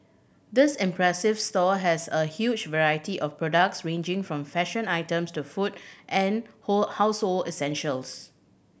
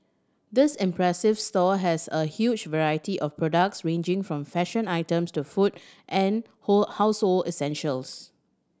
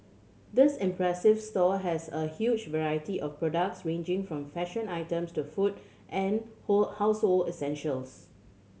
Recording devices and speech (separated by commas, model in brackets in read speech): boundary microphone (BM630), standing microphone (AKG C214), mobile phone (Samsung C7100), read sentence